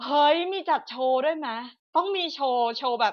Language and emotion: Thai, happy